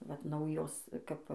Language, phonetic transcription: Lithuanian, vat ˈnaujos kap

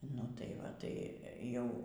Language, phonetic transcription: Lithuanian, ˈnu tai ˈva tai ˈjau

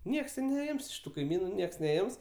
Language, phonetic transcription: Lithuanian, ˈnieks tė neˈims iš ˈtų kaiˈmynu ˈnieks neˈims

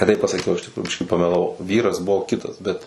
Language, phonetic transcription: Lithuanian, ne ˈtaip pasaˈkiau iš tikˈrųju ˈbiškį pamelaˈvau ˈvyras ˈbuvo ˈkitas bet

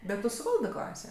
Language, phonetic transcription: Lithuanian, ˈbet ˈtu suˈvaldɜ ˈklasė

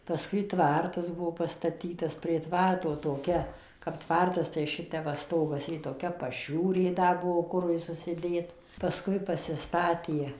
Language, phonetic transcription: Lithuanian, paˈskui ˈtvartas ˈbuo pastaˈtytas prie ˈtvarto toˈkia kap ˈtvartasˈ tai ˈšitep va ˈstogas i toˈkia paˈšiūrė ˈda ˈbuo ˈkurui susiˈdėt pasˈkui pasiˈstatie

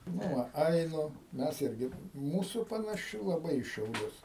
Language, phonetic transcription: Lithuanian, ˈnu va ˈainu ˈmes ˈirgi ˈmūsu panaˈši laˈbai į šiauˈlius

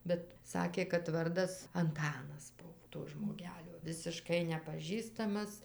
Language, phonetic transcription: Lithuanian, bet ˈsakė kad ˈvardas anˈtanas ˈbuv to žmoˈgelio visiˈškai nepaˈžįstamas

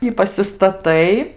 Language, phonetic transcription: Lithuanian, i pasistaˈtai

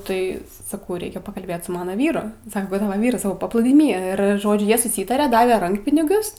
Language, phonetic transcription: Lithuanian, ˈtai saˈkau ˈreikia pakalˈbėt su ˈmana ˈvyru ˈsaka ˈkur ˈtava ˈvyras ˈsakaupaplūdyˈmy ˈir ˈžodžiu ˈjie suˈsytarė ˈdave ˈrankpinigius

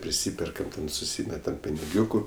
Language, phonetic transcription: Lithuanian, priˈsyperkam ten suˈsymetam piniˈgiūku

